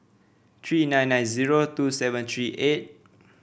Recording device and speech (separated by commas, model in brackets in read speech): boundary microphone (BM630), read sentence